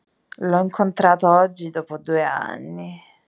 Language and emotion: Italian, disgusted